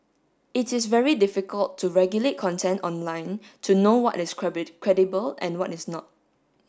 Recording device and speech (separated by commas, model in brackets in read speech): standing microphone (AKG C214), read sentence